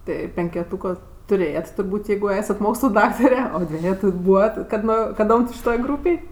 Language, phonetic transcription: Lithuanian, ˈtai penkeˈtūko tuˈrėjat turˈbūt' ˈjeigu ˈesat ˈmokslu ˈdaktare o ˈdvejetu ˈbūvat kad ˈno kaˈdom ti šiˈtoj ˈgrūpėj

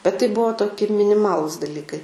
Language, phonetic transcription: Lithuanian, bet tai ˈbuvo toˈki miniˈmalus daˈlykai

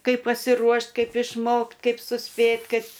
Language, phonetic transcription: Lithuanian, ˈkaip pasiˈruošt' ˈkaip išˈmokt' ˈkaip suˈspėt' ˈkaip

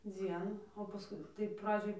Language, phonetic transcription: Lithuanian, ˈdzienų o paˈskui tai ˈpradžioj

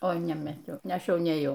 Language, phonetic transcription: Lithuanian, o nemaˈtiau ˈaš ˈjau nėˈjau

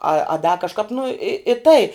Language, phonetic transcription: Lithuanian, a a da kažˈkap nu i i tai

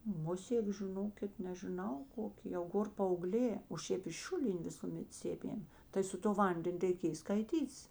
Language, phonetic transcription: Lithuanian, ˈmusėk žiˈnokit nežiˈnau ˈkokė jau ˈgor paauˈglė o ˈšėp iš ˈšiulinė ˈvisumet ˈsėmėm tai su to ˈvanden' reiˈkėj skaiˈtytis

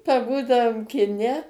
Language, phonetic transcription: Lithuanian, paˈbūdavom kiˈne

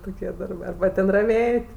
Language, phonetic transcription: Lithuanian, ˈtokie ˈdarbɜ arba ˈten raˈvėt'

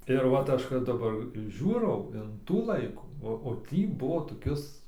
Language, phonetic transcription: Lithuanian, ir ˈvat ˈaš kad daˈbar ˈžiūrau in ˈtų ˈlaikų o ˈtį ˈbuvo toˈkis

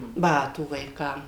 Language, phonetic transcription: Lithuanian, ˈbatų vaiˈkam

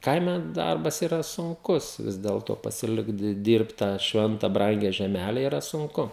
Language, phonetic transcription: Lithuanian, ˈkaime ˈdarbas yˈra sunˈkus ˈvis delto pasiˈlikt dy ˈdyrbt tą ˈšventa ˈbrangia žeˈmæle yˈra sunˈku

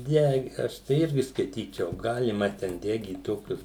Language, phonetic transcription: Lithuanian, ˈde ˈaš tai ˈirgi skaiˈtyčiau ˈgalima ten ˈdegyt ˈtokius

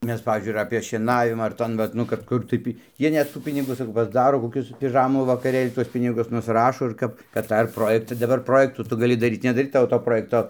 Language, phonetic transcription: Lithuanian, ˈmes ˈpavyzdžiui ir apė šieˈnavima ar ˈton vat ˈnu kad ˈkur tai pi ˈjie net ˈtų ˈpinigų saˈkau pasˈdaro koˈkius piˈžamų vakaˈrėl' ˈtuos ˈpinigus nusˈrašo ir ˈkap kad ˈtą ir ˈprojekta daˈbar ˈprojektų ˈtu gaˈli daˈryt nedaˈryt ˈtavo to ˈprojekto

